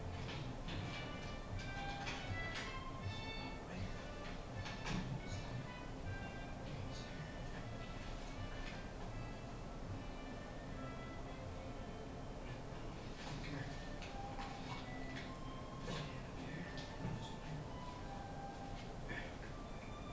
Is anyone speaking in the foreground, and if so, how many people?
No one.